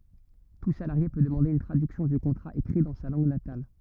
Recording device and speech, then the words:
rigid in-ear microphone, read sentence
Tout salarié peut demander une traduction du contrat écrit dans sa langue natale.

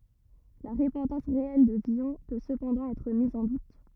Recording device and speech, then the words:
rigid in-ear microphone, read sentence
La repentance réelle de Villon peut cependant être mise en doute.

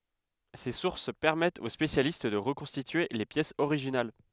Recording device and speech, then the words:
headset microphone, read sentence
Ces sources permettent aux spécialistes de reconstituer les pièces originales.

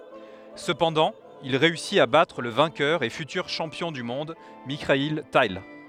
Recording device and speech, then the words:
headset microphone, read sentence
Cependant, il réussit à battre le vainqueur et futur champion du monde Mikhaïl Tal.

